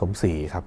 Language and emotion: Thai, neutral